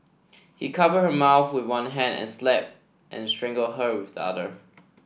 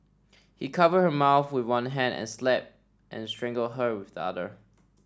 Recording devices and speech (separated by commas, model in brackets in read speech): boundary microphone (BM630), standing microphone (AKG C214), read sentence